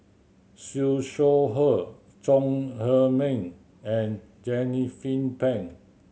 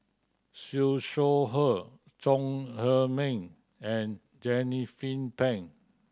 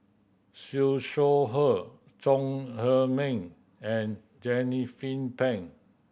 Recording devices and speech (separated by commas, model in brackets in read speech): mobile phone (Samsung C7100), standing microphone (AKG C214), boundary microphone (BM630), read sentence